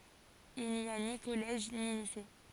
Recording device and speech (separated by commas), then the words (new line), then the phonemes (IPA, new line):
forehead accelerometer, read sentence
Il n'y a ni collège ni lycée.
il ni a ni kɔlɛʒ ni lise